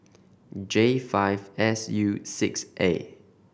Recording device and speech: boundary microphone (BM630), read sentence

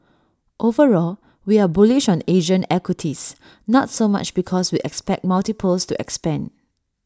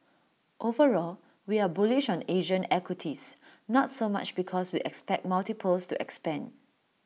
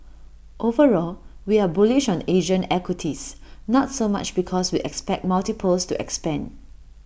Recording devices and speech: standing microphone (AKG C214), mobile phone (iPhone 6), boundary microphone (BM630), read sentence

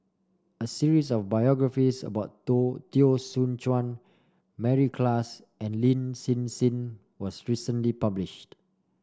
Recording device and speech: standing microphone (AKG C214), read sentence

